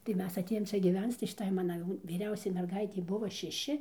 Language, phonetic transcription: Lithuanian, tai ˈmes aˈtėjom ˈčia gyˈvenc tai šiˈtai ˈmana jau vyˈriausiai merˈgaitei ˈbuvo šeˈši

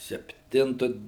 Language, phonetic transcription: Lithuanian, sepˈtintu

